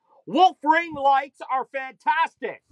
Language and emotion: English, sad